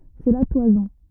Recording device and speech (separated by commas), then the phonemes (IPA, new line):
rigid in-ear microphone, read sentence
sɛ la twazɔ̃